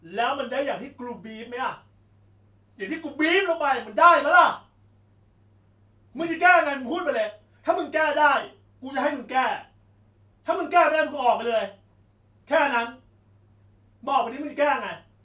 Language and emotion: Thai, angry